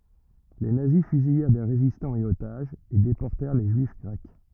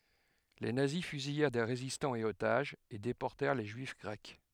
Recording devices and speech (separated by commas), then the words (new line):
rigid in-ear microphone, headset microphone, read sentence
Les nazis fusillèrent des résistants et otages, et déportèrent les juifs grecs.